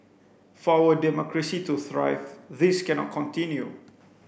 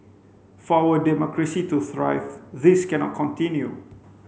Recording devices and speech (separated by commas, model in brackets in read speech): boundary microphone (BM630), mobile phone (Samsung C5), read sentence